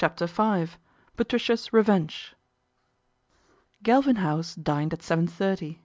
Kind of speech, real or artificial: real